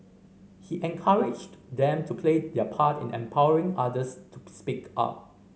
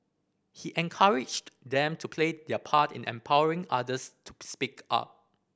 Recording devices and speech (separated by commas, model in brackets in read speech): mobile phone (Samsung C5010), boundary microphone (BM630), read sentence